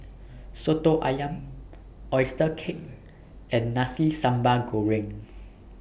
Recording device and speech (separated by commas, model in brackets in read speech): boundary microphone (BM630), read sentence